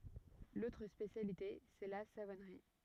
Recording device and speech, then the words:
rigid in-ear microphone, read sentence
L'autre spécialité, c'est la savonnerie.

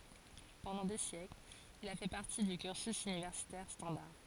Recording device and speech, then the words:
forehead accelerometer, read sentence
Pendant des siècles, il a fait partie du cursus universitaire standard.

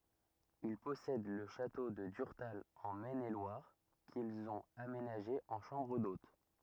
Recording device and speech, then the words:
rigid in-ear microphone, read sentence
Ils possèdent le château de Durtal en Maine-et-Loire, qu'ils ont aménagé en chambres d'hôte.

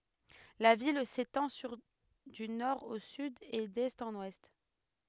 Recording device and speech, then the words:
headset microphone, read sentence
La ville s'étend sur du nord au sud et d'est en ouest.

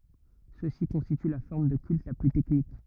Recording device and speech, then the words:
rigid in-ear microphone, read sentence
Ceux-ci constituent la forme de culte la plus technique.

